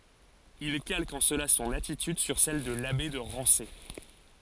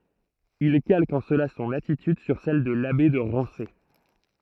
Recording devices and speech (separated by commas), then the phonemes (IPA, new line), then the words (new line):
forehead accelerometer, throat microphone, read sentence
il kalk ɑ̃ səla sɔ̃n atityd syʁ sɛl də labe də ʁɑ̃se
Il calque en cela son attitude sur celle de l'abbé de Rancé.